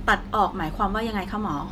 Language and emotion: Thai, frustrated